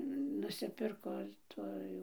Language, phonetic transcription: Lithuanian, nusiˈpirko ir ˈtų jau

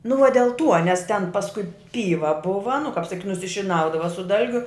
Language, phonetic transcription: Lithuanian, nu va del ˈtuo nes ten pasˈkui ˈpyva ˈbuva nu kap saˈkyt' nusišiˈnaudava su ˈdalgiu

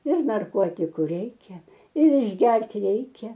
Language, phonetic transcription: Lithuanian, ir narˈkotiku ˈreikia ir išˈgert' ˈreikia

